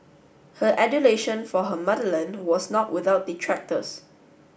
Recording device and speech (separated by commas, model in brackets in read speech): boundary microphone (BM630), read sentence